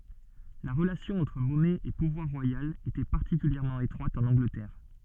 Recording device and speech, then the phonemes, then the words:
soft in-ear microphone, read sentence
la ʁəlasjɔ̃ ɑ̃tʁ mɔnɛ e puvwaʁ ʁwajal etɛ paʁtikyljɛʁmɑ̃ etʁwat ɑ̃n ɑ̃ɡlətɛʁ
La relation entre monnaie et pouvoir royal était particulièrement étroite en Angleterre.

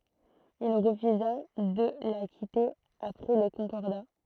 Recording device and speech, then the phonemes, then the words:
throat microphone, read sentence
il ʁəfyza də la kite apʁɛ lə kɔ̃kɔʁda
Il refusa de la quitter après le Concordat.

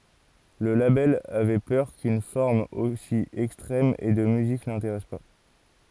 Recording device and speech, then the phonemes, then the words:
forehead accelerometer, read sentence
lə labɛl avɛ pœʁ kyn fɔʁm osi ɛkstʁɛm e də myzik nɛ̃teʁɛs pa
Le label avait peur qu'une forme aussi extrême et de musique n'intéresse pas.

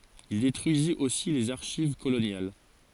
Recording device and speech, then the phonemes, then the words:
forehead accelerometer, read sentence
il detʁyizit osi lez aʁʃiv kolonjal
Il détruisit aussi les archives coloniales.

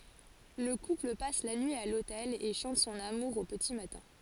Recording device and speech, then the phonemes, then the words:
forehead accelerometer, read sentence
lə kupl pas la nyi a lotɛl e ʃɑ̃t sɔ̃n amuʁ o pəti matɛ̃
Le couple passe la nuit à l'hôtel et chante son amour au petit matin.

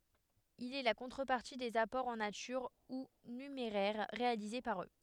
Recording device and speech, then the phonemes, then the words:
headset microphone, read sentence
il ɛ la kɔ̃tʁəpaʁti dez apɔʁz ɑ̃ natyʁ u nymeʁɛʁ ʁealize paʁ ø
Il est la contrepartie des apports en nature ou numéraire réalisés par eux.

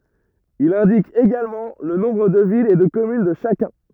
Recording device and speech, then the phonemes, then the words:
rigid in-ear microphone, read sentence
il ɛ̃dik eɡalmɑ̃ lə nɔ̃bʁ də vilz e də kɔmyn də ʃakœ̃
Il indique également le nombre de villes et de communes de chacun.

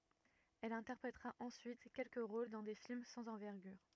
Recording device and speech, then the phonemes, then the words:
rigid in-ear microphone, read sentence
ɛl ɛ̃tɛʁpʁetʁa ɑ̃syit kɛlkə ʁol dɑ̃ de film sɑ̃z ɑ̃vɛʁɡyʁ
Elle interprétera ensuite quelques rôles dans des films sans envergure.

